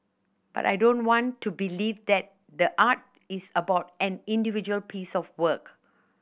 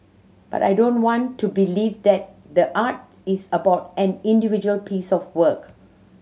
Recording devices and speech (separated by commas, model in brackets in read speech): boundary microphone (BM630), mobile phone (Samsung C7100), read sentence